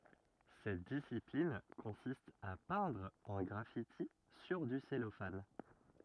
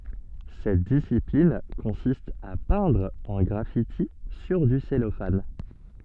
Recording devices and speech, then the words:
rigid in-ear microphone, soft in-ear microphone, read sentence
Cette discipline consiste à peindre un graffiti sur du cellophane.

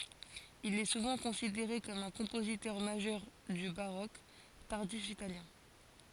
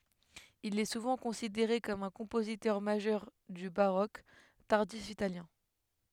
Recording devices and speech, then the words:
forehead accelerometer, headset microphone, read sentence
Il est souvent considéré comme un compositeur majeur du baroque tardif italien.

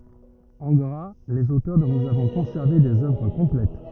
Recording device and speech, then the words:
rigid in-ear microphone, read sentence
En gras, les auteurs dont nous avons conservé des œuvres complètes.

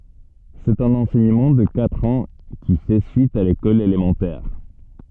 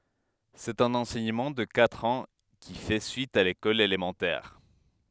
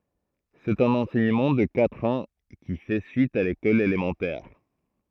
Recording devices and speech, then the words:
soft in-ear microphone, headset microphone, throat microphone, read sentence
C’est un enseignement de quatre ans, qui fait suite à l’école élémentaire.

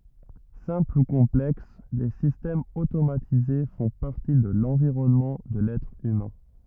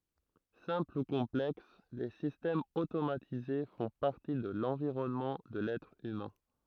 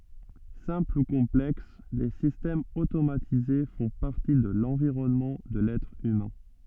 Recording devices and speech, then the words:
rigid in-ear microphone, throat microphone, soft in-ear microphone, read sentence
Simples ou complexes, les systèmes automatisés font partie de l'environnement de l'être humain.

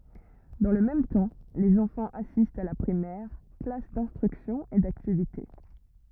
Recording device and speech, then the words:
rigid in-ear microphone, read sentence
Dans le même temps, les enfants assistent à la Primaire, classes d'instruction et d'activités.

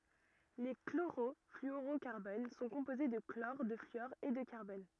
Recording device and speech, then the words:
rigid in-ear microphone, read sentence
Les chlorofluorocarbones sont composés de chlore, de fluor et de carbone.

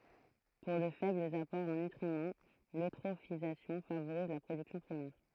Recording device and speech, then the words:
throat microphone, read sentence
Pour de faibles apports en nutriments, l'eutrophisation favorise la production primaire.

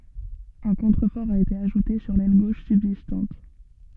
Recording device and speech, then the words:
soft in-ear microphone, read sentence
Un contrefort a été ajouté sur l'aile gauche subsistante.

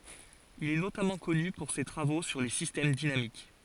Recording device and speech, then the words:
forehead accelerometer, read sentence
Il est notamment connu pour ses travaux sur les systèmes dynamiques.

